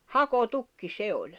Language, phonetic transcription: Finnish, 'hako'tukki 'se oĺ .
- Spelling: hakotukki se oli

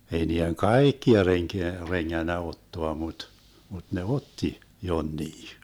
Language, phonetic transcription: Finnish, ei nii₍eŋ "kàikkia 'reŋkeä , 'reŋŋännä 'ottoa mut , mut ne "otti , 'jonnii .
- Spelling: ei niiden kaikkia renkää rengännyt ottaa mutta mutta ne otti jonkin

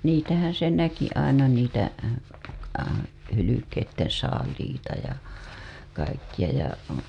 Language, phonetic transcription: Finnish, 'niitähän se 'näki aina niitä , 'hylykeitten̬ saaliita ja , kaikkiʲa ja .
- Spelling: niitähän se näki aina niitä hylkeiden saaliita ja kaikkia ja

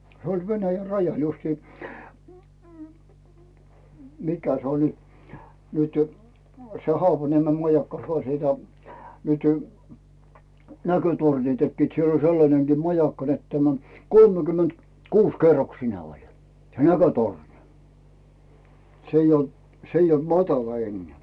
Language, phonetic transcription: Finnish, se oĺ 'Venäjä "rajal 'justii m- m- 'mikä se oĺi , nytʏ , se 'Hoapaniemem 'majakka ja , ja , nyty , 'näkötorni tekkiit , siel ‿oĺ 'sellaneŋGii "majakka net tämä , 'kolmekymment , "kuus 'kerroksine oĺ , se "näkötorni , 's ‿eij ‿ol , 's ‿eij ‿olt "matala 'enneä̀ .
- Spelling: se oli Venäjän rajalla justiin - - mikä se oli nyt se Haapaniemen majakka ja ja nyt näkötornin tekivät siellä oli sellainenkin majakka että tämä kolmekymmentä- kuusi- kerroksinen oli se näkötorni se ei ollut se ei ollut matala enää

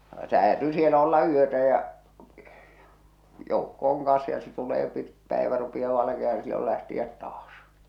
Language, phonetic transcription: Finnish, se 'häätyy 'sielä olla 'yötä ja , 'joukko oŋ kaa̰s ja se tulee pit- 'pä̀evä rupiʲaa valakiah̬an ⁿⁱ sillol lähti₍ät 'taas .
- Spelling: se häätyy siellä olla yötä ja joukko on kanssa ja se tulee - päivä rupeaa valkenemaan no silloin lähteä taas

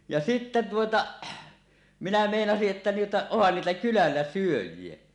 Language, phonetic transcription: Finnish, ja sittä tuota , minä 'mèinasiˀ ˀettä tuota , ohhan niitä 'kylällä "syöj̆jie .
- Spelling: ja sitten tuota minä meinasin että tuota onhan niitä kylällä syöjiä

